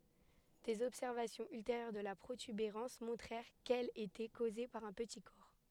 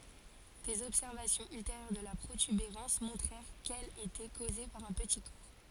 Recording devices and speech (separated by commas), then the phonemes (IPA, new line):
headset microphone, forehead accelerometer, read sentence
dez ɔbsɛʁvasjɔ̃z ylteʁjœʁ də la pʁotybeʁɑ̃s mɔ̃tʁɛʁ kɛl etɛ koze paʁ œ̃ pəti kɔʁ